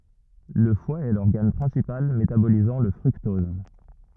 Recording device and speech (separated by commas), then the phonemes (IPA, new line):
rigid in-ear microphone, read sentence
lə fwa ɛ lɔʁɡan pʁɛ̃sipal metabolizɑ̃ lə fʁyktɔz